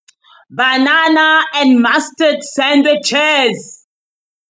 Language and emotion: English, disgusted